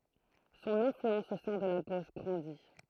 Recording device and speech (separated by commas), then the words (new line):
throat microphone, read sentence
Son influence au sein de la gauche grandit.